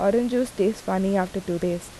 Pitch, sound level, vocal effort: 195 Hz, 81 dB SPL, normal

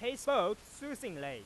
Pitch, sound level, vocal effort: 250 Hz, 102 dB SPL, very loud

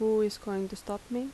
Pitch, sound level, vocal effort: 210 Hz, 81 dB SPL, soft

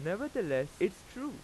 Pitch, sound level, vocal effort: 185 Hz, 92 dB SPL, very loud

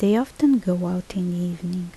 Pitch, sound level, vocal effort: 180 Hz, 74 dB SPL, soft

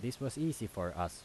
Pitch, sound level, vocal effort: 115 Hz, 83 dB SPL, normal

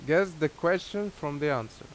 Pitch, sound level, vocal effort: 155 Hz, 88 dB SPL, loud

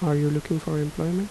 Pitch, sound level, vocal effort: 155 Hz, 78 dB SPL, soft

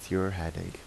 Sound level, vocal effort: 81 dB SPL, soft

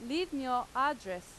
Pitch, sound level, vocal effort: 255 Hz, 92 dB SPL, very loud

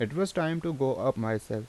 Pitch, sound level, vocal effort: 135 Hz, 83 dB SPL, normal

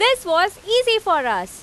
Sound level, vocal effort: 98 dB SPL, very loud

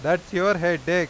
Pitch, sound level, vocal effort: 175 Hz, 97 dB SPL, very loud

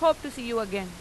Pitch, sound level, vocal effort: 235 Hz, 94 dB SPL, very loud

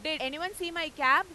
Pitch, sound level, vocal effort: 330 Hz, 103 dB SPL, very loud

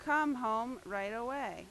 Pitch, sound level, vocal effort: 245 Hz, 91 dB SPL, very loud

